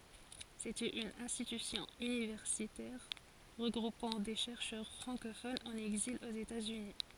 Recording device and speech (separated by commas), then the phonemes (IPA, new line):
forehead accelerometer, read sentence
setɛt yn ɛ̃stitysjɔ̃ ynivɛʁsitɛʁ ʁəɡʁupɑ̃ de ʃɛʁʃœʁ fʁɑ̃kofonz ɑ̃n ɛɡzil oz etatsyni